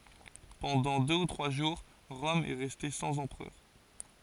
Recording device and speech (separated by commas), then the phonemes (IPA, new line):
forehead accelerometer, read sentence
pɑ̃dɑ̃ dø u tʁwa ʒuʁ ʁɔm ɛ ʁɛste sɑ̃z ɑ̃pʁœʁ